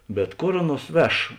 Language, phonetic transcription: Lithuanian, bet ˈkor ˈaˌnuos ˈveš

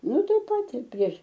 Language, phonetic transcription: Lithuanian, ˈnu ˈtai ˈpat ir prieš

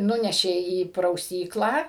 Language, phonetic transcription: Lithuanian, ˈnunešė į prauˈsyklą

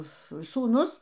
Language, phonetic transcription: Lithuanian, sūˈnus

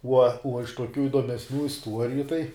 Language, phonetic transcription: Lithuanian, uo uo iš tuoˈkių iduomesˈnių isˈtuoriju tai

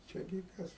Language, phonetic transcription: Lithuanian, ˈčia gi ˈkas

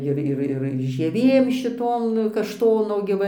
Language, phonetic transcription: Lithuanian, ˈir ˈir ir žieˈvėm šiˈtom kašˈtono gi ˈva

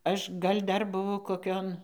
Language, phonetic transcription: Lithuanian, ˈaš ˈgal' ˈdar buˈvau koˈkion

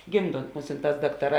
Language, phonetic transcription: Lithuanian, ˈgimˌdont ˈmusinˌtās ˈdaktaˌrā

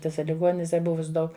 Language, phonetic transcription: Lithuanian, tiˈsa liˈgoninise ˈbuvus ˈdaug

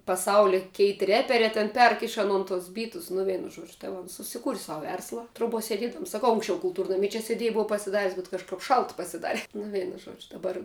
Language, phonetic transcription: Lithuanian, paˈsaulia ˈkeitˈ reperē ten ˈperk iš aˈnon tus ˈbytus nu ˈvienu ˈžuodžiu tai ˈva ons susiˈkūri ˈsau ˈversla troˈbuo seˈdiedams saˈkau unksˈčiau kulˈtūrnami čia seˈdiej ˈbova pasiˈdaris bet kažˈkap ˈšalt pasiˈdare nu ˈveinu ˈžuodžiu daˈbar

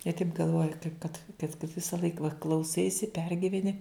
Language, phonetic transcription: Lithuanian, jie taip galˈvoja kaip kad kad kad visaˈlaik va klauˈsaisi ˈpergiveni

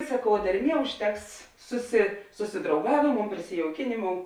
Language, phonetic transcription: Lithuanian, saˈkau derˈmie užˈteks susi susidrauˈgavėˌmou prisijauˈkinėˌmou

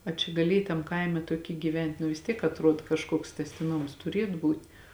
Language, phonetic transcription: Lithuanian, a ˈčia gaˈliej tam ˈkaime tuoˈky gyˈvent' nu vis ˈtiek atˈruod kažˈkuoks tęstiˈnoms tuˈriet ˈbūt'

